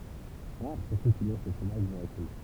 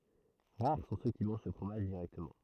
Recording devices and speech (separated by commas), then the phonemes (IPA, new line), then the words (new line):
temple vibration pickup, throat microphone, read sentence
ʁaʁ sɔ̃ sø ki mɑ̃ʒ sə fʁomaʒ diʁɛktəmɑ̃
Rares sont ceux qui mangent ce fromage directement.